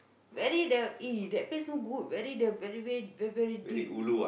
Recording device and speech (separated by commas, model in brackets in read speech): boundary microphone, conversation in the same room